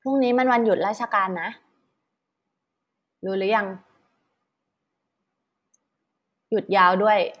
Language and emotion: Thai, happy